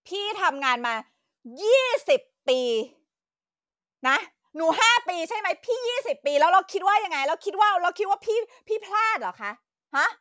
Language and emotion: Thai, angry